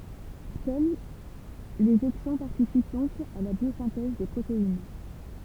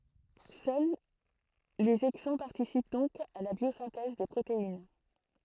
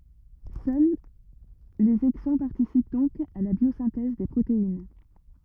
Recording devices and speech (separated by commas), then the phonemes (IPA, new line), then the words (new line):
temple vibration pickup, throat microphone, rigid in-ear microphone, read sentence
sœl lez ɛɡzɔ̃ paʁtisip dɔ̃k a la bjozɛ̃tɛz de pʁotein
Seuls les exons participent donc à la biosynthèse des protéines.